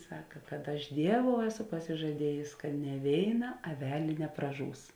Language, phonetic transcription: Lithuanian, ˈsaka kad ˈaš ˈdieˌvou ˈeˌso pasižaˈdiejės ka ne ˈvėiˌna aˈvelė nepraˈžūs

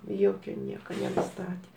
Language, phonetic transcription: Lithuanian, ˈjokiu ˈnieka nenuˈstatė

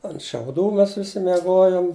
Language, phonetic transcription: Lithuanian, ant šiauˈdų ˈmes ˈvisi meˈgojom

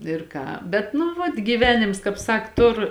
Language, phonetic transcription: Lithuanian, ir ˈką bet nu ˈvat gyˈvenims ˈkāp ˈsak ˈtur

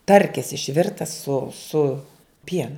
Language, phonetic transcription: Lithuanian, ˈtarkis išˈvirtas su su ˈpienu

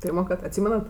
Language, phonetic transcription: Lithuanian, ˈpyrmoˌkart atˈsymenat

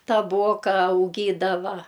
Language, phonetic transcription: Lithuanian, taˈboka auˈgydava

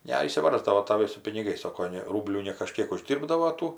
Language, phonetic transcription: Lithuanian, neišsiˈvarsdavo taˈvai su piniˈgais ˈsoko ˈne ˈrūblių nekaˈžkiek uˈždyrbdavo ˈtų

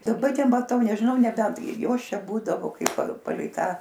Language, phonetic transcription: Lithuanian, daˈba nemaˈtau nežiˈnau neˈbent ˈjos ˈčia ˈbūdavo ˈkaip pa paˈlei ˈtą

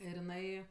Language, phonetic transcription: Lithuanian, ir jiˈnai

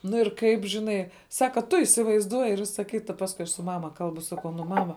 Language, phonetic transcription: Lithuanian, ˈnu ir ˈkaip žiˈnai ˈsaka tu isivaizˈduoji ir ˈvisa ˈkita ˈpaskui aš su ˈmama ˈkalbu ˈsakau ˈnu ˈmama

